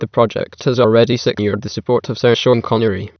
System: TTS, waveform concatenation